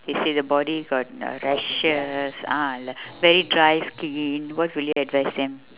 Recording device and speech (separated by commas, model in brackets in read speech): telephone, conversation in separate rooms